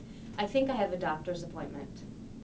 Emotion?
neutral